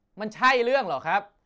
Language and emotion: Thai, angry